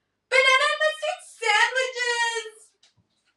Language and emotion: English, sad